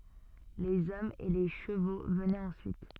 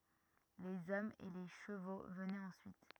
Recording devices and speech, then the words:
soft in-ear microphone, rigid in-ear microphone, read sentence
Les hommes et les chevaux venaient ensuite.

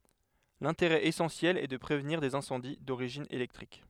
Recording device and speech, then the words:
headset microphone, read sentence
L'intérêt essentiel est de prévenir des incendies d'origine électrique.

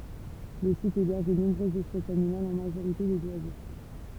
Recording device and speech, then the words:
temple vibration pickup, read sentence
Le site héberge de nombreuses espèces animales, en majorité des oiseaux.

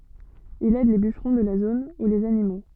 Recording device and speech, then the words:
soft in-ear microphone, read sentence
Il aide les bûcherons de la zone ou les animaux.

